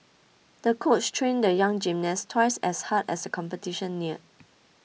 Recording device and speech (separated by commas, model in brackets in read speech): mobile phone (iPhone 6), read sentence